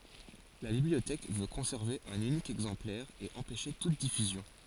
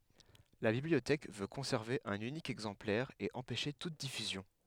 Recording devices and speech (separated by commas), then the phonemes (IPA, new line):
forehead accelerometer, headset microphone, read sentence
la bibliotɛk vø kɔ̃sɛʁve œ̃n ynik ɛɡzɑ̃plɛʁ e ɑ̃pɛʃe tut difyzjɔ̃